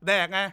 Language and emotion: Thai, angry